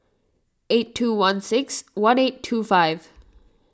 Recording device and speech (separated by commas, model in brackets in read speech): standing microphone (AKG C214), read sentence